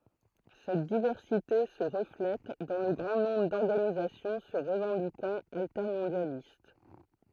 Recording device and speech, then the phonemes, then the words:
throat microphone, read sentence
sɛt divɛʁsite sə ʁəflɛt dɑ̃ lə ɡʁɑ̃ nɔ̃bʁ dɔʁɡanizasjɔ̃ sə ʁəvɑ̃dikɑ̃t altɛʁmɔ̃djalist
Cette diversité se reflète dans le grand nombre d'organisations se revendiquant altermondialistes.

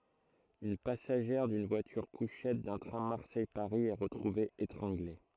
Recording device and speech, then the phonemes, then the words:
throat microphone, read sentence
yn pasaʒɛʁ dyn vwatyʁkuʃɛt dœ̃ tʁɛ̃ maʁsɛjpaʁi ɛ ʁətʁuve etʁɑ̃ɡle
Une passagère d'une voiture-couchettes d’un train Marseille-Paris est retrouvée étranglée.

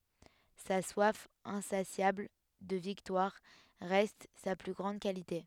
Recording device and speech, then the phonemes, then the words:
headset microphone, read sentence
sa swaf ɛ̃sasjabl də viktwaʁ ʁɛst sa ply ɡʁɑ̃d kalite
Sa soif insatiable de victoire reste sa plus grande qualité.

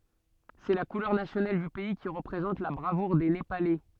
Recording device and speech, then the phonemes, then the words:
soft in-ear microphone, read sentence
sɛ la kulœʁ nasjonal dy pɛi ki ʁəpʁezɑ̃t la bʁavuʁ de nepalɛ
C'est la couleur nationale du pays qui représente la bravoure des Népalais.

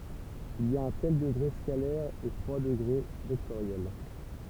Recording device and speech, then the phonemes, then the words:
temple vibration pickup, read sentence
il i a œ̃ tɛl dəɡʁe skalɛʁ e tʁwa dəɡʁe vɛktoʁjɛl
Il y a un tel degré scalaire et trois degrés vectoriels.

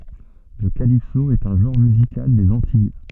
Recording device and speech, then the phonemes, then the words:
soft in-ear microphone, read sentence
lə kalipso ɛt œ̃ ʒɑ̃ʁ myzikal dez ɑ̃tij
Le calypso est un genre musical des Antilles.

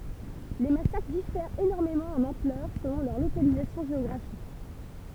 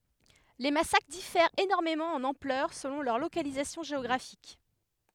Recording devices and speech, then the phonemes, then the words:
temple vibration pickup, headset microphone, read sentence
le masakʁ difɛʁt enɔʁmemɑ̃ ɑ̃n ɑ̃plœʁ səlɔ̃ lœʁ lokalizasjɔ̃ ʒeɔɡʁafik
Les massacres diffèrent énormément en ampleur selon leur localisation géographique.

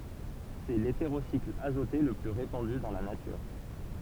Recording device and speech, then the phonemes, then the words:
temple vibration pickup, read sentence
sɛ leteʁosikl azote lə ply ʁepɑ̃dy dɑ̃ la natyʁ
C'est l'hétérocycle azoté le plus répandu dans la nature.

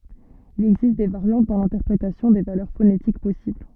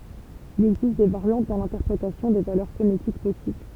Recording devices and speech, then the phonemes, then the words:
soft in-ear microphone, temple vibration pickup, read sentence
il ɛɡzist de vaʁjɑ̃t dɑ̃ lɛ̃tɛʁpʁetasjɔ̃ de valœʁ fonetik pɔsibl
Il existe des variantes dans l'interprétation des valeurs phonétiques possibles.

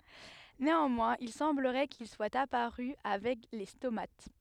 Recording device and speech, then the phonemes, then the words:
headset microphone, read sentence
neɑ̃mwɛ̃z il sɑ̃bləʁɛ kil swat apaʁy avɛk le stomat
Néanmoins, il semblerait qu'ils soient apparus avec les stomates.

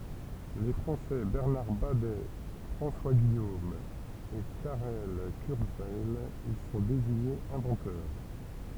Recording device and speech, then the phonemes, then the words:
temple vibration pickup, read sentence
le fʁɑ̃sɛ bɛʁnaʁ badɛ fʁɑ̃swa ɡijom e kaʁɛl kyʁzwɛj i sɔ̃ deziɲez ɛ̃vɑ̃tœʁ
Les Français Bernard Badet, François Guillaume et Karel Kurzweil y sont désignés inventeurs.

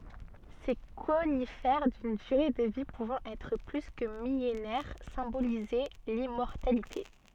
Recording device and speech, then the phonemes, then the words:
soft in-ear microphone, read sentence
se konifɛʁ dyn dyʁe də vi puvɑ̃ ɛtʁ ply kə milenɛʁ sɛ̃bolizɛ limmɔʁtalite
Ces conifères d’une durée de vie pouvant être plus que millénaire symbolisaient l’immortalité.

